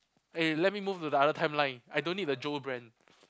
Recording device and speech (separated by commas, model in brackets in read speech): close-talking microphone, conversation in the same room